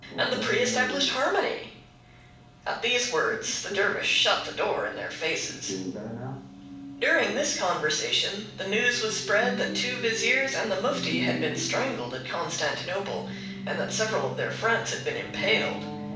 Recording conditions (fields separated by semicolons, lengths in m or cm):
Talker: one person; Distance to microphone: 5.8 m; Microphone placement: far; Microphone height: 1.8 m; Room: medium-sized (5.7 m by 4.0 m); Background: television